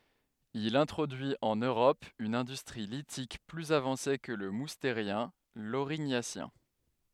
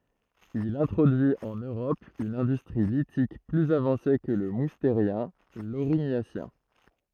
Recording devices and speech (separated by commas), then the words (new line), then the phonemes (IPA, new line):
headset microphone, throat microphone, read sentence
Il introduit en Europe une industrie lithique plus avancée que le Moustérien, l'Aurignacien.
il ɛ̃tʁodyi ɑ̃n øʁɔp yn ɛ̃dystʁi litik plyz avɑ̃se kə lə musteʁjɛ̃ loʁiɲasjɛ̃